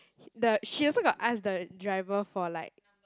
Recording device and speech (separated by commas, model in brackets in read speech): close-talking microphone, conversation in the same room